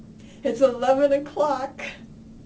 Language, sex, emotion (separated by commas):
English, female, sad